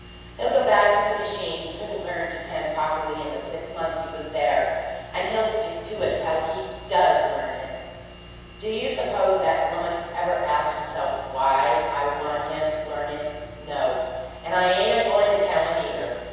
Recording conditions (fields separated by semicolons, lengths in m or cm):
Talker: one person; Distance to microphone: 7.1 m; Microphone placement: far; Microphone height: 1.7 m; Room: very reverberant, large; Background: none